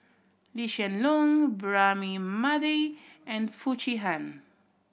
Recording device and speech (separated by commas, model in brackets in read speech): boundary microphone (BM630), read sentence